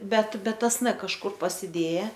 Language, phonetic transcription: Lithuanian, ˈbet ˈbet ˈtas n kažˈkur pasiˈdėja

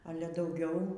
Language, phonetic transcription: Lithuanian, ˈale dauˈgiau

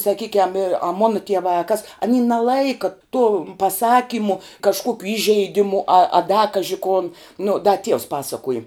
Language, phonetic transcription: Lithuanian, saˈkykiam ir a ˈmona tieˈvā a kas aˈny naˈlaika tom paˈsakymu kažˈkuokiu ˈįžeiˌdimu a a da ˈkaži kon nu da ˈtieus ˈpasakuoji

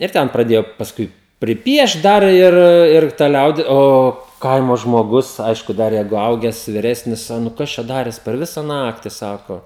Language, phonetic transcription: Lithuanian, ir ˈten praˈdėjo pasˈkui priˈpiešt ˈdar ir ir ta ˈliaudi ˈo ˈkaimo žmoˈgus ˈaišku ˈdar ˈjeigu ˈauges viˈresnis a ˈnu ˈkas čia ˈdarės per ˈvisa ˈnakti ˈsako

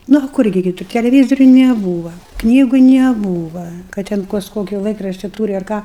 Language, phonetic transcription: Lithuanian, ˈnu a ˈkur gi kiˈtur teleˈvyzoriu neˈbūva ˈknygu neˈbūva kad ten ˈkas ˈkoki ˈlaikrašti ˈtūri ar ˈką

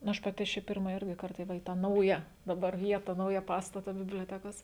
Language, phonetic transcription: Lithuanian, nu ˈaš paˈti aš ˈčia ˈpirma ˈirgi ˈkarta ˈva į tą ˈnauja daˈbar ˈvieta ˈnauja ˈpastata biblioˈtekos

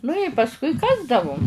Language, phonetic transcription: Lithuanian, nu i pasˈkui ˈkasdavum

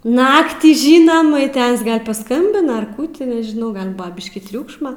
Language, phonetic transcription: Lithuanian, ˈnaktį ˈžynam i ˈtas gal paˈskambina ar ˈkų ti nežiˈnau ˈgal ˈbua ˈbiškį ˈtriūkšma

